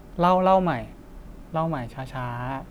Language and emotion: Thai, neutral